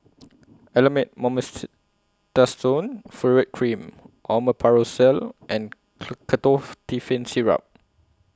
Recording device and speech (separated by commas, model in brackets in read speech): close-talking microphone (WH20), read sentence